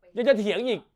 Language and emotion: Thai, angry